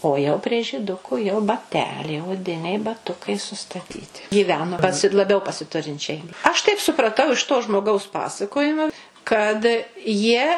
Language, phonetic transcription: Lithuanian, o jau prie žyˈduku jau baˈteliai oˈdiniai baˈtukai sustaˈtyti gyˈveno paˈsi laˈbiau pasiˈturinčiai aš taip supraˈtau iš to žmoˈgaus ˈpasakojimo kad jie

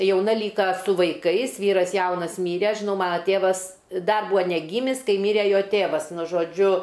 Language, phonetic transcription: Lithuanian, jauˈna ˈlyka su vaiˈkais ˈvyras ˈjaunas ˈmyre ˈaš žiˈnau ˈmana ˈtėvas ˈdar ˈbūa neˈgymis ˈkai ˈmyre ˈjo ˈtėvas ˈnu žoˈdžiu

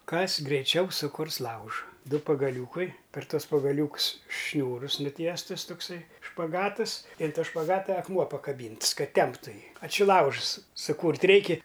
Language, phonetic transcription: Lithuanian, ˈkas greiˈčiau suˈkurs ˈlauža ˈdu pagaˈliūkai per ˈtuos pagaˈliūks ˈšniūrus nuˈtiestus tokˈsai špaˈgatɨs i an ˈto špaˈgata akˈmuo pakaˈbynts ˈkad ˈtemptu ˈjį a či ˈlaužs suˈkūrt ˈreiki

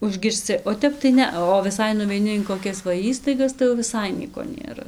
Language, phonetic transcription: Lithuanian, užgirsˈci o ˈtep tai ˈnea o viˈsai nuveiˈni in koˈkias va ˈįstaigas tai jau viˈsai ˈnieko nėˈra

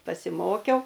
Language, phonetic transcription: Lithuanian, pasiˈmokiau

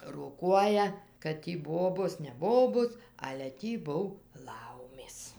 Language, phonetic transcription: Lithuanian, roˈkuoja kad ˈtį ˈbobos ne ˈbobos ale ˈtį ˈbuv ˈlaumės

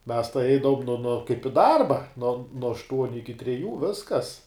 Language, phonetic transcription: Lithuanian, mes tai ˈeidavom no kaip i ˈdarba nuo nuo ašˈtuoniu ˈiki treˈjų ˈviskas

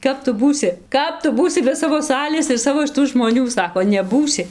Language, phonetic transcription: Lithuanian, ˈkap tu ˈbūsi ˈkap tu ˈbūsi be ˈsavo ˈsalės ir ˈsavo šiˈtų žmoˈnių ˈsako neˈbūsi

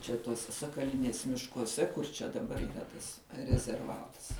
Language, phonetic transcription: Lithuanian, čia ˈtuose sakaˈlinės miškuoˈse kur čia daˈbar yˈra tas rezerˈvatas

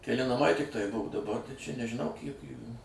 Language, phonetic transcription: Lithuanian, keˈli naˈmai tikˈtai ˈbuvo daˈbar tai čia nežiˈnau ˈkiek ˈjųjų

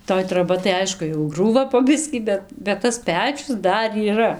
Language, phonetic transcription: Lithuanian, toj troˈba tai ˈaišku jau ˈgrūva po ˈbiskį ˈbet bet tas ˈpečius ˈdar yˈra

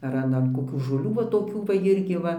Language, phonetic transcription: Lithuanian, ar ˈan an koˈkių žoˈlių va toˈkių va ˈirgi ˈva

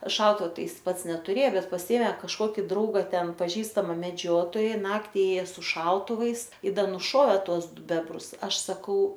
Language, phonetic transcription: Lithuanian, ˈšautuva ˈtai ˈjis ˈpats netuˈrė ˈbet paˈsiėmė kažˈkoki ˈdrauga ˈten paˈžįstama meˈdžiotoja ˈnakti ˈėja su ˈšautuvais i ˈda nuˈšovė ˈtuos ˈdu ˈbebrus ˈaš saˈkau

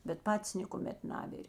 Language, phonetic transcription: Lithuanian, bet ˈpatis nėkuˈmet ˈnavir'

